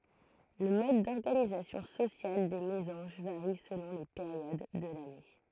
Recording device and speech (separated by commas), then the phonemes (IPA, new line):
throat microphone, read sentence
lə mɔd dɔʁɡanizasjɔ̃ sosjal de mezɑ̃ʒ vaʁi səlɔ̃ le peʁjod də lane